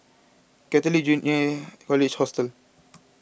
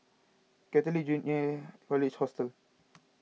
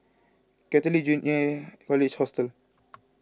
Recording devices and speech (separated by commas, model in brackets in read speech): boundary microphone (BM630), mobile phone (iPhone 6), close-talking microphone (WH20), read sentence